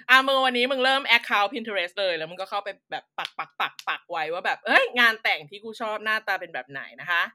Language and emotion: Thai, happy